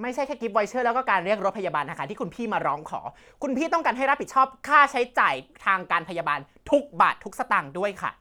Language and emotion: Thai, angry